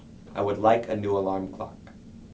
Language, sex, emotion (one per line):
English
male
neutral